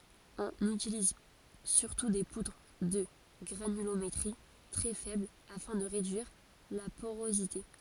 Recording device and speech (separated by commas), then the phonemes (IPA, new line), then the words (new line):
forehead accelerometer, read sentence
ɔ̃n ytiliz syʁtu de pudʁ də ɡʁanylometʁi tʁɛ fɛbl afɛ̃ də ʁedyiʁ la poʁozite
On utilise surtout des poudres de granulométrie très faible afin de réduire la porosité.